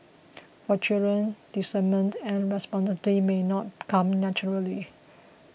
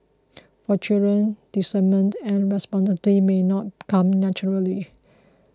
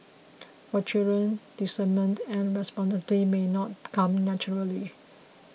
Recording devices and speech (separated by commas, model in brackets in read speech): boundary microphone (BM630), close-talking microphone (WH20), mobile phone (iPhone 6), read sentence